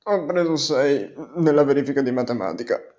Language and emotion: Italian, sad